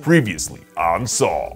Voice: Deep voice